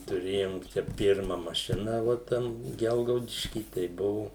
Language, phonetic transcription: Lithuanian, tuˈrėjom ˈčia ˈpirma maˈšina vo ˈten ˈgelgaudišky tai ˈbuvu

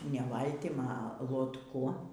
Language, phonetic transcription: Lithuanian, ne ˈvaltim a lotˈku

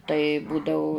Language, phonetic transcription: Lithuanian, tai ˈbūdau

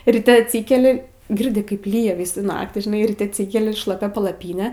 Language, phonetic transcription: Lithuanian, riˈte atˈsykeli ˈgirdi ˈkaip ˈlyja ˈvysų ˈnaktį žiˈnai ryˈte atˈsykeli šlaˈpia palaˈpyne

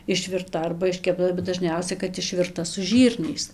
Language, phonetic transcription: Lithuanian, išvirˈta arba iškepˈta bet daˈžniausia kad išvirˈta su ˈžyrniais

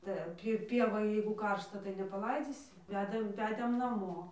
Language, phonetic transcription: Lithuanian, tai ˈan pi ˈpievoj jeigu ˈkaršta tai nepaˈlaidzysi ˈvedam ˈvedėm naˈmo

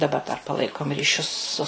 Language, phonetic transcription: Lithuanian, daˈba dar paˈlaikom ryˈšius su

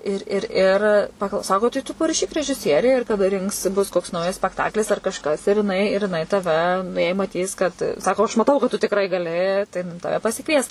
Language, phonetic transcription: Lithuanian, ir ir ˈir pakl ˈsako tai tu paraˈšyk režiˈsierei ir kaˈda ˈrinks ˈbus koks ˈnaujas spekˈtaklis ar kažˈkas ir jiˈnai ir jiˈnai taˈve nu jei maˈtys kad ˈsako aš maˈtau kad tu tikˈrai gaˈli tai ˈtave pasiˈkvies

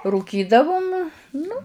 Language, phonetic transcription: Lithuanian, rūˈkydavum ˈnu

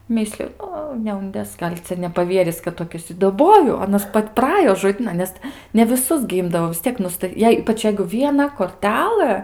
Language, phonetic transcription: Lithuanian, ˈmisliu ˈo neunˈdės ˈgal' ˈcia nepaˈvieris kad toˈkis i daˈboju aˈnas ˈpat' praˈajo žoˈdynan ˈnes ne viˈsus gi ˈimdavo vis ˈtiek ˈnusta ˈjei ˈypač jei vieˈna korˈtelɘ

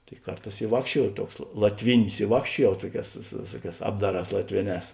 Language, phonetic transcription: Lithuanian, tai ˈkarˌtās i ˈvākščiuojau ˈtuoks la latˈvinis i ˈvākščiuojau ˈtuoˌkēs su su ˈvėsuoˌkēs ˈapdaˌrās latˈvėˌnēs

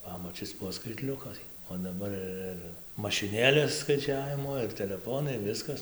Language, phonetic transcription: Lithuanian, ˈpamačis ˈbuo skaitˈliukai o daˈbar ir ir mašiˈnėlės skaiˈčiavimo ir teleˈfonai ˈviskas

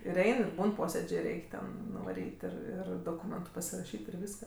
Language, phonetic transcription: Lithuanian, ir ˈein ir ˈbūn ˈposėdžė ˈreik' ten nuvaˈryt' ˈir ˈir doˈkūmentu pasiraˈšyt' ir ˈvyska

